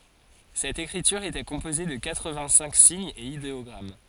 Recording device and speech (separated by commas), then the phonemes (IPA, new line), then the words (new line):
forehead accelerometer, read sentence
sɛt ekʁityʁ etɛ kɔ̃poze də katʁəvɛ̃ɡtsɛ̃k siɲz e ideɔɡʁam
Cette écriture était composée de quatre-vingt-cinq signes et idéogrammes.